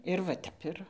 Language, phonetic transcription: Lithuanian, ir va ˈtep ir

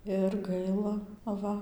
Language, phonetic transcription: Lithuanian, ir ˈgaila aˈva

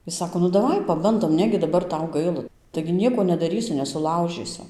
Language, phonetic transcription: Lithuanian, ˈjis ˈsako nu daˈvai paˈbandom ˈnegi daˈbar ˈtau ˈgaila taigi ˈnieko nedaˈrysiu nesuˈlaužysu

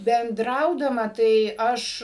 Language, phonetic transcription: Lithuanian, benˈdraudama tai ˈaš

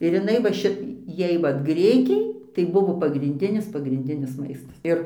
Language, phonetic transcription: Lithuanian, ir jiˈnai va ˈši ˈjai ˈvat ˈgrikiai tai ˈbuvo pagrinˈdinis pagrinˈdinis ˈmaistas ˈir

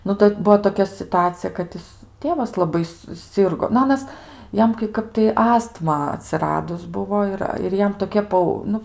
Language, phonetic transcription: Lithuanian, ˈnu tai ˈbuo toˈkia situˈacija kad ˈjis ˈtėvas laˈbai suˈsirgo nu ˈanas ˈjam kai ˈkap tai ˈastma atsiˈradus ˈbuvo ir ir ˈjam toˈki ˈpau ˈnu

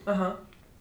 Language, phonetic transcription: Lithuanian, aˈha

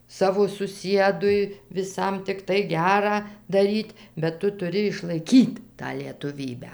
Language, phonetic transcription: Lithuanian, ˈsavo suˈsiedui viˈsam tikˈtai ˈgerą daˈryt' bet ˈtu tuˈri išlaiˈkyt tą lietuˈvybę

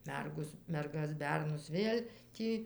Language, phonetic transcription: Lithuanian, ˈmergos merˈgas ˈbernus ˈvėl' ˈtį

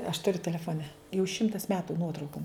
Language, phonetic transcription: Lithuanian, aš tuˈriu telefoˈne jau ˈšimtas ˈmetu ˈnuotraukom

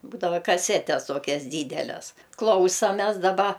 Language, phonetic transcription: Lithuanian, ˈbūdava kaˈsetes ˈtokias ˈdydeles ˈklausames daˈba

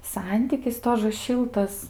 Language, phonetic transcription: Lithuanian, ˈsantykis ˈtožə ˈšiltas

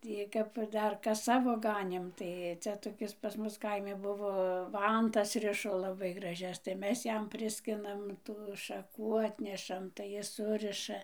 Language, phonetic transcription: Lithuanian, ˈtį kap ˈdar ˈkas ˈsavo ˈganėm ˈtai ˈcia toˈkis pas ˈmus ˈkaimi ˈbuvo ˈvantas ˈrišo laˈbai graˈžias tai ˈmes ˈjam ˈpriskinam tų šaˈkų ˈatnešam tai ˈjis ˈsuriša

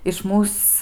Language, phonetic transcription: Lithuanian, iš ˈmūs

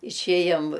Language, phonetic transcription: Lithuanian, išˈėjom

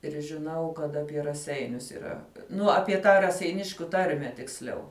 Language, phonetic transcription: Lithuanian, ir žiˈnau kad apie raˈseinius yˈra ˈnu apie ˈtą raseiˈniškiu ˈtarme tiksˈliau

